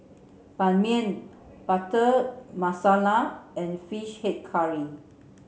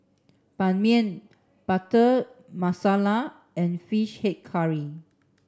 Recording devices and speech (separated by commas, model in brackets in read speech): mobile phone (Samsung C7), standing microphone (AKG C214), read sentence